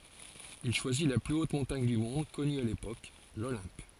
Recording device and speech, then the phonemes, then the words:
forehead accelerometer, read sentence
il ʃwazi la ply ot mɔ̃taɲ dy mɔ̃d kɔny a lepok lolɛ̃p
Il choisit la plus haute montagne du monde connu à l'époque, l'Olympe.

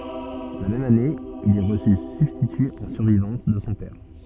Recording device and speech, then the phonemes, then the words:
soft in-ear microphone, read sentence
la mɛm ane il ɛ ʁəsy sybstity ɑ̃ syʁvivɑ̃s də sɔ̃ pɛʁ
La même année, il est reçu substitut en survivance de son père.

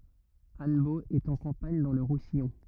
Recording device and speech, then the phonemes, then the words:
rigid in-ear microphone, read sentence
anbo ɛt ɑ̃ kɑ̃paɲ dɑ̃ lə ʁusijɔ̃
Annebault est en campagne dans le Roussillon.

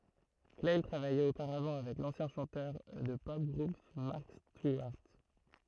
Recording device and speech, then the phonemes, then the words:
throat microphone, read sentence
klaj tʁavajɛt opaʁavɑ̃ avɛk lɑ̃sjɛ̃ ʃɑ̃tœʁ də tə pɔp ɡʁup mɑʁk stiwaʁt
Clail travaillait auparavant avec l'ancien chanteur de The Pop Group Mark Stewart.

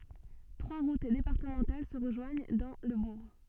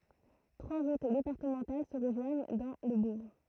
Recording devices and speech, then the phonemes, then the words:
soft in-ear microphone, throat microphone, read sentence
tʁwa ʁut depaʁtəmɑ̃tal sə ʁəʒwaɲ dɑ̃ lə buʁ
Trois routes départementales se rejoignent dans le bourg.

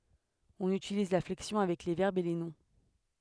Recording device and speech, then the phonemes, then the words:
headset microphone, read sentence
ɔ̃n ytiliz la flɛksjɔ̃ avɛk le vɛʁbz e le nɔ̃
On utilise la flexion avec les verbes et les noms.

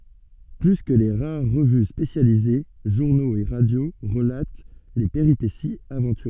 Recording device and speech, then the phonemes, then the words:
soft in-ear microphone, read sentence
ply kə le ʁaʁ ʁəvy spesjalize ʒuʁnoz e ʁadjo ʁəlat le peʁipesiz avɑ̃tyʁøz
Plus que les rares revues spécialisées, journaux et radio relatent les péripéties aventureuses.

